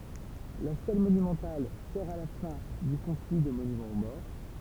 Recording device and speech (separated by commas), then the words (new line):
temple vibration pickup, read sentence
La stèle monumentale sert à la fin du conflit de monument aux morts.